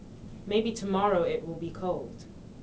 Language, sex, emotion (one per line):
English
female
neutral